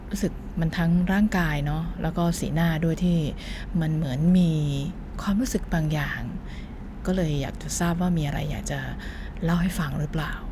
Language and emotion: Thai, frustrated